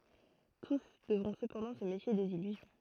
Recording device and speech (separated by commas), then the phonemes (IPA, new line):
throat microphone, read sentence
tus dəvʁɔ̃ səpɑ̃dɑ̃ sə mefje dez ilyzjɔ̃